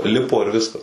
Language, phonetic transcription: Lithuanian, ˈlipo ir ˈviskas

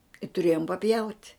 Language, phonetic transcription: Lithuanian, i tuˈrėjom paˈpjaut'

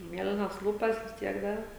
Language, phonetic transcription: Lithuanian, ˈmielinas ˈlūpas vis ˈtiek ˈdar

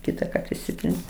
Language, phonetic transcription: Lithuanian, ˈkytaˌkart išˈsitrins

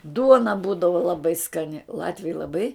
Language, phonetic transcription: Lithuanian, ˈduona ˈbūdava laˈbai skaˈni ˈlatviai laˈbai

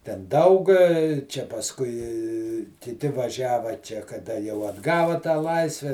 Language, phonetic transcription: Lithuanian, ten ˈdaug čia pasˈkui kiˈti vaˈžiava ˈčia kaˈda jau atˈgava tą ˈlaisve

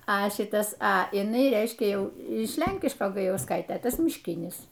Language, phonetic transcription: Lithuanian, a ˈšitas a iˈnai ˈreiškia ˈjau iš ˈlenkiško gajausˈkaitė ˈtas mišˈkinis

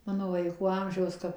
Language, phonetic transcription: Lithuanian, ˈmano vaiˈkų ˈamžiaus ˈkap

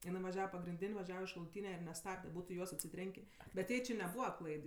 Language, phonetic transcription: Lithuanian, iˈnai vaˈžiava pagrinˈdin' vaˈžiava iš šaluˈtyne ir neˈstabde ˈbūtu i ˈjuos atsiˈtrenkė bet ˈjai či neˈbūva ˈklaid

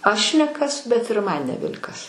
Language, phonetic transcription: Lithuanian, ˈaš ne ˈkas bet ir ˈman neˈbel' kas

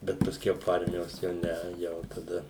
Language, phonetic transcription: Lithuanian, ˈbet paˈskiau po ˈarmijos ˈjau ˈne ˈjau taˈda

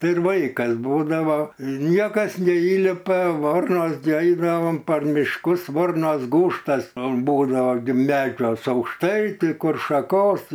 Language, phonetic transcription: Lithuanian, ˈtai ir ˈvaikas ˈbūdavo ˈniekas neˈįlipa ˈvornos gi ˈaidavom par mišˈkus ˈvornos ˈgūžtas ˈbūdava gi ˈmedžiuos aukšˈtai ˈtai ˈkur šaˈkos

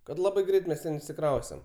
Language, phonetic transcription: Lithuanian, kad ˈlabai ˈgreit mes ˈten išsiˈkraustem

